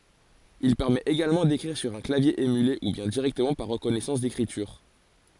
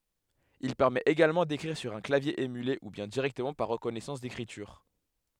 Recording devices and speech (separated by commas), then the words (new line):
forehead accelerometer, headset microphone, read sentence
Il permet également d'écrire sur un clavier émulé ou bien directement par reconnaissance d'écriture.